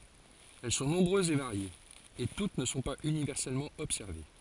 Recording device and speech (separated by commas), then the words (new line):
forehead accelerometer, read sentence
Elles sont nombreuses et variées, et toutes ne sont pas universellement observées.